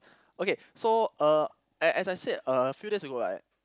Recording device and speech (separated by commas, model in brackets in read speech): close-talking microphone, conversation in the same room